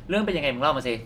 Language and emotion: Thai, angry